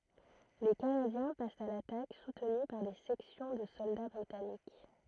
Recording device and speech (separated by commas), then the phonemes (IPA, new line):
throat microphone, read sentence
le kanadjɛ̃ past a latak sutny paʁ de sɛksjɔ̃ də sɔlda bʁitanik